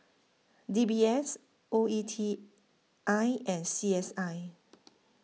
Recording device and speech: mobile phone (iPhone 6), read sentence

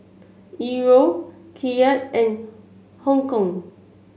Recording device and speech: mobile phone (Samsung C7), read sentence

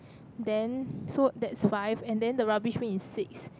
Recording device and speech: close-talking microphone, conversation in the same room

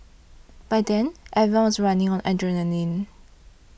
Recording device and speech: boundary microphone (BM630), read sentence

